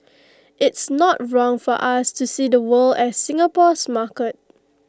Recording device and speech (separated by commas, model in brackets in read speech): close-talking microphone (WH20), read sentence